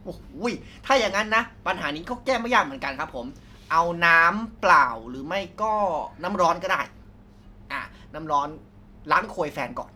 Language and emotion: Thai, neutral